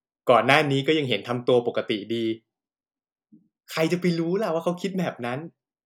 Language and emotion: Thai, happy